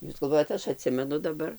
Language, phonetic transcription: Lithuanian, ˈjūs galˈvojat ˈaš aˈtsimenu daˈbar

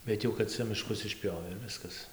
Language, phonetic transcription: Lithuanian, bet ˈjau kad ˈcia miˈškus išˈpjovė ir ˈviskas

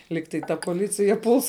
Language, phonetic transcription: Lithuanian, ˈlyg tai ˈta poˈlicija puls

